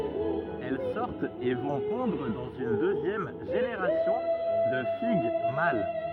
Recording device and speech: rigid in-ear microphone, read sentence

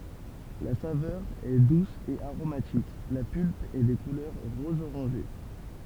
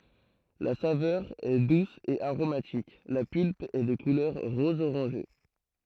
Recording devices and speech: temple vibration pickup, throat microphone, read sentence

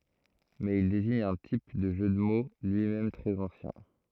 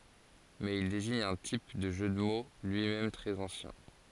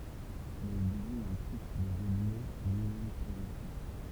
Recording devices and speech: throat microphone, forehead accelerometer, temple vibration pickup, read sentence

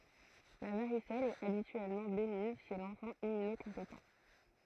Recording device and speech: throat microphone, read sentence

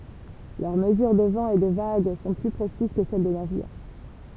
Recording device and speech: temple vibration pickup, read sentence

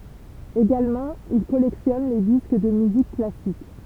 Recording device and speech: temple vibration pickup, read sentence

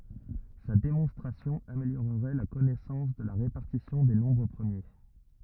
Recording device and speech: rigid in-ear microphone, read sentence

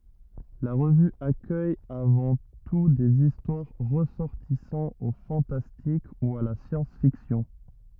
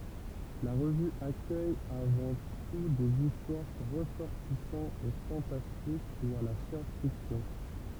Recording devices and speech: rigid in-ear microphone, temple vibration pickup, read sentence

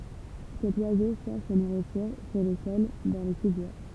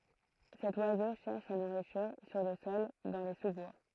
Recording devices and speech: temple vibration pickup, throat microphone, read sentence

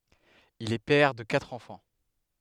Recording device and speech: headset microphone, read sentence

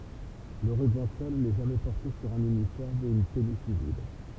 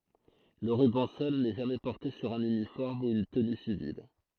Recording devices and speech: temple vibration pickup, throat microphone, read sentence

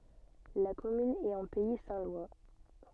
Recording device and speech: soft in-ear microphone, read sentence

